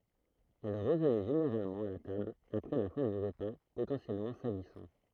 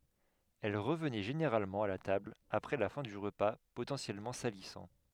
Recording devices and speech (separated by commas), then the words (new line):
throat microphone, headset microphone, read sentence
Elle revenait généralement à la table après la fin du repas potentiellement salissant.